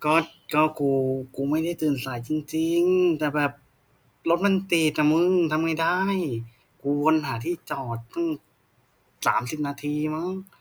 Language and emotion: Thai, frustrated